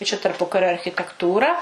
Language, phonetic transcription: Lithuanian, i čia tarˈpukario architekˈtūra

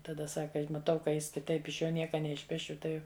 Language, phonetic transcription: Lithuanian, taˈda ˈsaka maˈtau ka ˈjis kiˈtaip iš ˈjo ˈnieka neišˈpešiu ˈtai

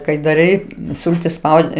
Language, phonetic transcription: Lithuanian, kai daˈrai ˈsultis ˈspaudi

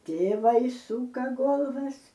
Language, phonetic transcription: Lithuanian, ˈtėvai ˈsūka ˈgolvas

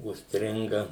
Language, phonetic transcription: Lithuanian, užsˈtringa

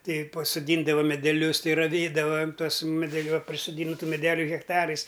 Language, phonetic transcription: Lithuanian, ˈtei pasoˈdyndava medeˈlius ˈtei raˈvėdavam ˈtuos medeˈliu a prisoˈdyntu meˈdeliu hekˈtarais

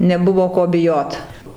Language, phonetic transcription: Lithuanian, neˈbuvo ˈko biˈjot

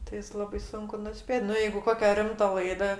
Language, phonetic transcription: Lithuanian, tai ˈjis ˈlabai ˈsunku nuˈspėt' ˈnu ˈjeigu ˈkokia ˈrimta ˈlaida

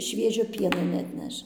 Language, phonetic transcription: Lithuanian, ˈšviežio ˈpieno neatˈneš

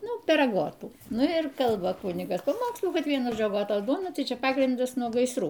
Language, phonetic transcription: Lithuanian, ˈnu per aˈgotų ˈnu ir ˈkalba ˈkunigas paˈmokslų ˈkad ˈvienu ˈžodžiu agoˈtos ˈduona ˈtai ˈčia ˈpagrindas nuo gaisˈrų

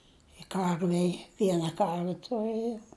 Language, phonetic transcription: Lithuanian, i ˈkarvei ˈviena ˈkarve tuˈrɘjom

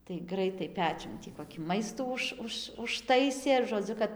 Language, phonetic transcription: Lithuanian, tai ˈgraitai ˈpečiun tį ˌkokį ˈmaistų ˈuž ˈuž užˈtaisė žoˈdziu kad

